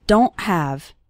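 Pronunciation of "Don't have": At the end of 'don't', the T is not pronounced strongly. The sound cuts off very suddenly, like a stop, before 'have'.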